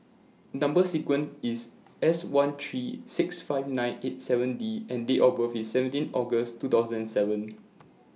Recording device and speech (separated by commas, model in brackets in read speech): mobile phone (iPhone 6), read sentence